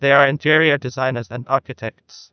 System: TTS, neural waveform model